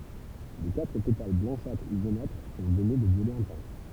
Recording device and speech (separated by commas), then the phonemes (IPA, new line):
temple vibration pickup, read sentence
le katʁ petal blɑ̃ʃatʁ u ʒonatʁ sɔ̃ vɛne də vjolɛ ɛ̃tɑ̃s